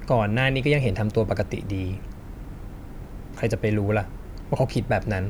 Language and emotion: Thai, frustrated